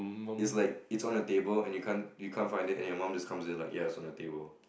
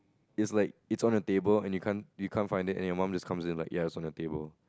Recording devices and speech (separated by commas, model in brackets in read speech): boundary microphone, close-talking microphone, conversation in the same room